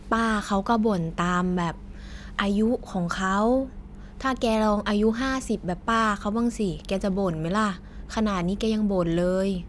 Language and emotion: Thai, frustrated